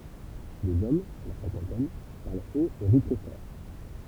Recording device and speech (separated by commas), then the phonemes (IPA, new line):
temple vibration pickup, read sentence
dez ɔm la sɛ̃kɑ̃tɛn paʁl ot e ʁi tʁɛ fɔʁ